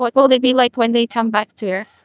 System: TTS, neural waveform model